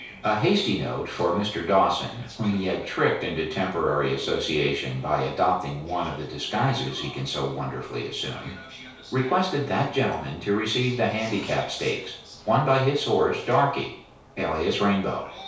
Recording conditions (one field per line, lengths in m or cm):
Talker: one person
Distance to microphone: 3.0 m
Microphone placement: far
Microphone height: 1.8 m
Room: small (3.7 m by 2.7 m)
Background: television